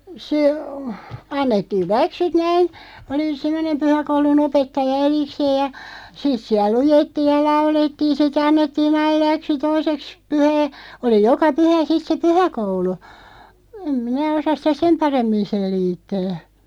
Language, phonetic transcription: Finnish, se , 'annettiiˡ "läksyt 'näin , oli 'semmᵒnem "pyhäkoulu'n ‿opettaja 'erikseeʲ ja , 'sit siäl 'lujettiiʲ ja "laulettiin̬ si't ‿annettii'n̬ ‿aiˡ 'läksy "toiseks , 'pyhää , 'oli "joka 'pyhä 'sit se "pyhäkoulu , em 'minä 'osaˢ sitä "sem 'paremmin̬ 'sel̆liittää .
- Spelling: se annettiin läksyt näin oli semmoinen pyhäkoulun opettaja erikseen ja sitten siellä luettiin ja laulettiin sitten annettiin aina läksy toiseksi pyhää oli joka pyhä sitten se pyhäkoulu en minä osaa sitä sen paremmin selittää

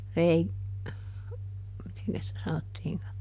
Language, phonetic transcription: Finnish, ˈrei- , ˈmiteŋkäs sitä ˈsanottiiŋka ?
- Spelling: - mitenkäs sitä sanottiinkaan

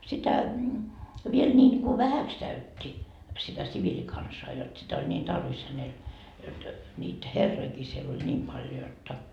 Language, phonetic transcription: Finnish, sitä , viel ńiiŋku "vähäks käyt́t́i , sitä 'siviĺikansaa jot 'sitä oĺ ńiin "tarvis hänel , jot , ńiit "herroikii siel ‿oĺ 'ńiim paljo 'jotta .
- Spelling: sitä vielä niin kuin vähäksi käytti sitä siviilikansaa jotta sitä oli niin tarvis hänellä jotta niitä herrojakin siellä oli niin paljon jotta

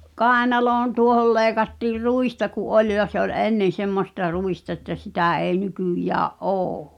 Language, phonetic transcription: Finnish, kàenaloon 'tuohol 'leeⁱkattiir "ruista ku’ '’oĺ ja se ‿ol "ennen̬ 'semmosta 'ruista ᵉttä 'sitä̀ èi̬ 'nykỳjää’ "’ô .
- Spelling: kainaloon tuohon leikattiin ruista kun oli ja se oli ennen semmoista ruista että sitä ei nykyään ole

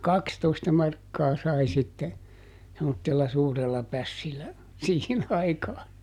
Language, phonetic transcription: Finnish, ja "kakstoista ˈmarkkaa ˈsai sitte , semmottella ˈsuurella ˈpässillä , ˈsiihin aikaa .
- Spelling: ja kaksitoista markkaa sai sitten semmoisella suurella pässillä siihen aikaa

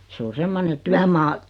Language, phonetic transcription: Finnish, 'se o "semmone 'tyämaa ,.
- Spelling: se on semmoinen työmaa

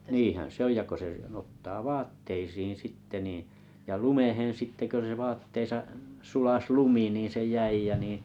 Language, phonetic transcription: Finnish, niihän se ‿on 'ja ko se n ‿otta "vaatteisiiŋ 'sitte niiiⁱ̰ , ja "lumeh̳en 'sitte kö se , vaatteesa’ , 'sulas "lumi nii se "jäi jä niiḭ ,.
- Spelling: niinhän se on ja kun se niin ottaa vaatteisiin sitten niin ja lumeen sitten kun se vaatteessa sulasi lumi niin se jäi ja niin

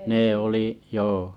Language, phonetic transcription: Finnish, 'nee oli’ , 'joo .
- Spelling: ne oli joo

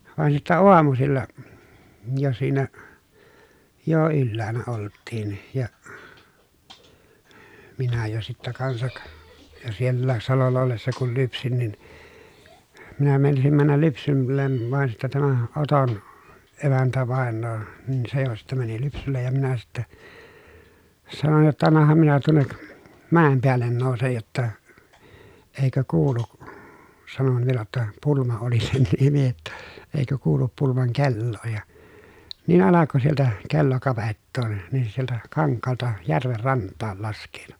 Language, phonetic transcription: Finnish, vàen sittä oamusilla , jo siinä , jo ylläänä olttiin ja , minä jo sittä kansak , jo siellääs salolla ollessa kul lypsin nin , minä meinasim männäl lypsyllen van sittä tämä Oton , emäntävàen̆noo , nin se jo sittä mäni lypsyllej ja minä sitte , sanon jotta » annaham minä tuonnek , mä̀em peällen nòusej jotta , eikö kuulu(k) » , sanon vielä ‿ttä , Pulma oli sen nimi jotta , » eikö kuulup Pulmaŋ kelloo » ja , niin alako sieltä , kello kavettoo , nin se sieltä , kaŋkkaalta , järver ranttaal lask̀eetu .
- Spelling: vaan sitten aamusilla jo siinä jo ylhäällä oltiin ja minä jo sitten kanssa jo sielläkin salolla ollessa kun lypsin niin minä meinasin mennä lypsylle vaan sitten tämä Oton emäntävainaja niin se jo sitten meni lypsylle ja minä sitten sanoin jotta annahan minä tuonne mäen päälle nousen jotta eikö kuulu sanoin vielä että Pulma oli sen nimi jotta eikö kuulu Pulman kelloa ja niin alkoi sieltä kello kavettaa niin se sieltä kankaalta järven rantaan laskeutui

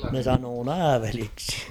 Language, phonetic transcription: Finnish, ne sanoo "nääveliksɪ .
- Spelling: ne sanoi nääveliksi

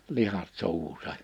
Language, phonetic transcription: Finnish, 'lihat 'suuhusa .
- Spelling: lihat suuhunsa

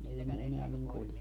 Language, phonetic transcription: Finnish, 'ei ne 'eneä 'niŋ kulje .
- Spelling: ei ne enää niin kulje

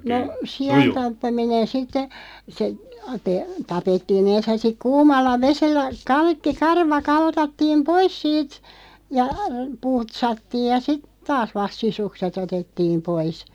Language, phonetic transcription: Finnish, no , 'si₍antappaminen 'sitte , se , te- , "tapettii'n ‿ens ja siᵏ "kuumalla 'vesellä "ka(i)kki 'karva 'kaltattiim "pois siit , ja , 'putsattiij ja sit , "taas vast 'sisukse't ‿otettiim 'pois .
- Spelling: no siantappaminen sitten se - tapettiin ensin ja sitten kuumalla vedellä kaikki karva kaltattiin pois siitä ja putsattiin ja sitten taas vasta sisukset otettiin pois

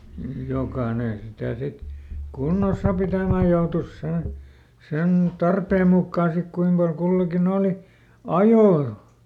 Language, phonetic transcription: Finnish, ˈjokaane sitä̀ ˈsit , "kunnos̆sa pitä̀mä ˈjoutus sen̬ , sen "tarpeem ˈmukkaa sik ˈkuim pal ˈkullakiˈn ‿òli , "ajoo .
- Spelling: jokainen sitä sitten kunnossa pitämään joutui sen sen tarpeen mukaan sitten kuinka paljon kullakin oli ajoa

